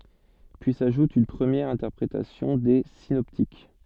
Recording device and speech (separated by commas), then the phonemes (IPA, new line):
soft in-ear microphone, read sentence
pyi saʒut yn pʁəmjɛʁ ɛ̃tɛʁpʁetasjɔ̃ de sinɔptik